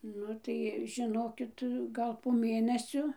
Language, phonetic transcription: Lithuanian, ˈnu tai žiˈnokit ˈgal po ˈmėnesio

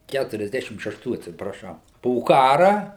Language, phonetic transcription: Lithuanian, ˌkæturiasˈdešim šešˈtų atsipraˈšau po ˈkara

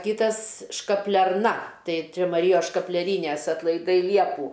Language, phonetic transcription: Lithuanian, ˈkytas škaplerˈna ˈtai ˈčia maˈryjos škapleˈrynes atlaiˈdai ˈliepų

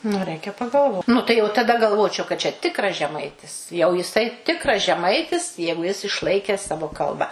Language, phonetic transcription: Lithuanian, nu ˈreikia pagalˈvot ˈnu tai jau taˈda galˈvočiau kad čia ˈtikras žeˈmaitis jau jiˈsai ˈtikras žeˈmaitis ˈjeigu jis išˈlaikes ˈsavo ˈkalba

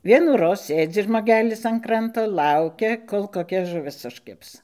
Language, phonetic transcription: Lithuanian, ˈvienųroz ˈsėdzi žmoˈgelis an ˈkranto ˈkaukia ˈkol koˈkia žuˈvis užˈkibs

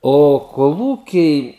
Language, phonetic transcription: Lithuanian, o koˈlūkiai

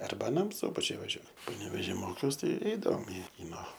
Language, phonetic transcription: Lithuanian, ˈarba aˈnam ˈsubačiuj vaˈžiuo paneveˈžy ˈmokiaus ˈtai ˈeidavom i ˈkyno

